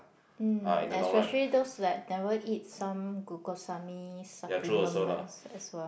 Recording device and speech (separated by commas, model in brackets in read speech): boundary microphone, conversation in the same room